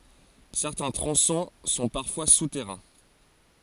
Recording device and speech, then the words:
forehead accelerometer, read sentence
Certains tronçons sont parfois souterrains.

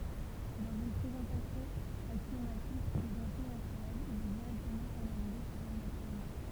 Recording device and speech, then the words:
temple vibration pickup, read sentence
Dans une présentation axiomatique des entiers naturels, il est directement formalisé par un axiome.

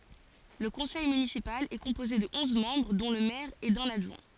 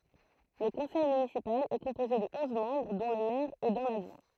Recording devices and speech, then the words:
forehead accelerometer, throat microphone, read sentence
Le conseil municipal est composé de onze membres dont le maire et d'un adjoint.

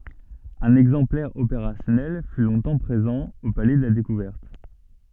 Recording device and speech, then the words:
soft in-ear microphone, read sentence
Un exemplaire opérationnel fut longtemps présent au Palais de la découverte.

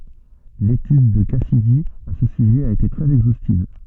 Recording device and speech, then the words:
soft in-ear microphone, read sentence
L'étude de Cassidy à ce sujet a été très exhaustive.

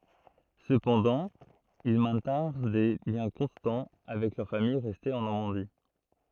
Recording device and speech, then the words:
throat microphone, read sentence
Cependant, ils maintinrent des liens constants avec leur famille restée en Normandie.

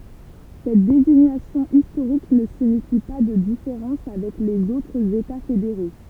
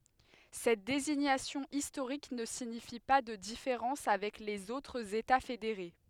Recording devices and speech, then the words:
temple vibration pickup, headset microphone, read sentence
Cette désignation historique ne signifie pas de différences avec les autres États fédérés.

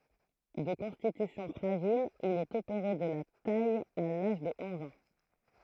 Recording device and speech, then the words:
throat microphone, read sentence
De constitution fragile, il est opéré de la taille à l'âge de onze ans.

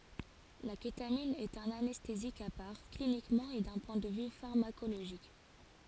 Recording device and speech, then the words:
forehead accelerometer, read sentence
La kétamine est un anesthésique à part, cliniquement et d'un point de vue pharmacologique.

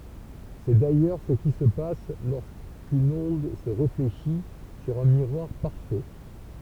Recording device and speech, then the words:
temple vibration pickup, read sentence
C'est d'ailleurs ce qui se passe lorsqu'une onde se réfléchit sur un miroir parfait.

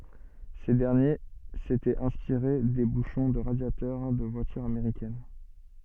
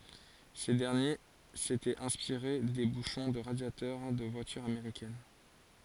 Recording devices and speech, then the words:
soft in-ear microphone, forehead accelerometer, read sentence
Ces derniers s'étaient inspirés des bouchons de radiateur des voitures américaines.

